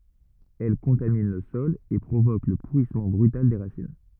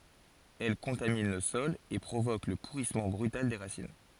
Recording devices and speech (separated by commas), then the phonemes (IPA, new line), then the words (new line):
rigid in-ear microphone, forehead accelerometer, read sentence
ɛl kɔ̃tamin lə sɔl e pʁovok lə puʁismɑ̃ bʁytal de ʁasin
Elle contamine le sol et provoque le pourrissement brutal des racines.